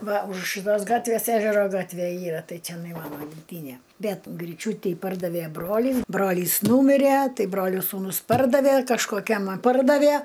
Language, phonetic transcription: Lithuanian, ˈva už šɨˈtos ˈgatvės ˈežero ˈgatvė ˈyra ˈtai ceˈnai ˈmano gimˈtynė ˈbet gryˈčiūty ˈpardave ˈbrolys ˈbrolys ˈnūmire ˈtai ˈbrolio sūˈnus ˈpardavė kažkoˈkiam a ˈpardavė

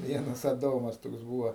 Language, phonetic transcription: Lithuanian, ˈvienas aˈdomas ˈtoks ˈbūvo

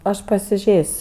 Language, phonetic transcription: Lithuanian, ˈaš pasiˈžės'

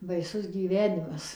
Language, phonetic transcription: Lithuanian, baiˈsus gyˈvenimas

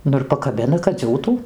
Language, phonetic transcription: Lithuanian, ˈnu ir pakaˈbina kad ˈdziūtų

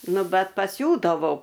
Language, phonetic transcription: Lithuanian, ˈnu ˈbet paˈsiūdavau

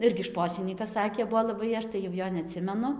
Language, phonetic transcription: Lithuanian, ˈirgi ˈšposinykas ˈsakė ˈbuvo laˈbai ˈaš tai jau ˈjo neˈatsimenu

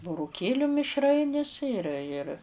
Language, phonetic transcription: Lithuanian, buruˈkėliu mišˈrainis ir ir

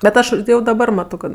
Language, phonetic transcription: Lithuanian, bet ˈaš jau daˈbar ˈmato kad

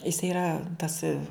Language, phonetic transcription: Lithuanian, jis yˈra tas

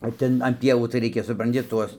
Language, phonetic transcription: Lithuanian, o ˈten an ˈpievų tai ˈreikia supranˈti ˈtuos

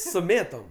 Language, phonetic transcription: Lithuanian, su ˈmėtom

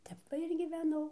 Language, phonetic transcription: Lithuanian, ˈtep va ir gyveˈnau

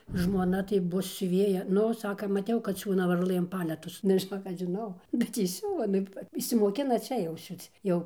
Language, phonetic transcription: Lithuanian, žmoˈna tai ˈbus siuˈvėja ˈnu ˈsaka maˈtiau kad ˈsiūna varˈlɘm ˈpaletus nu žiˈnok ˈaš žiˈnau bet ˈji ˈsiuva ˈnu išsimoˈkina ˈčia jau ˈsiūc ˈjau

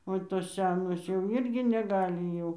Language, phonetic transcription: Lithuanian, o ˈtos ˈse nos jau ˈirgi neˈgali jau

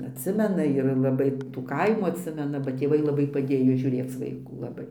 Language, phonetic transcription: Lithuanian, atˈsimena ir laˈbai tų ˈkaimų atˈsimena ba tėˈvai laˈbai paˈdėjo žiūˈrėc vaiˈkų laˈbai

